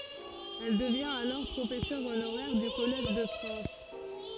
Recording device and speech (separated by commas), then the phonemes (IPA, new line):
forehead accelerometer, read sentence
ɛl dəvjɛ̃t alɔʁ pʁofɛsœʁ onoʁɛʁ dy kɔlɛʒ də fʁɑ̃s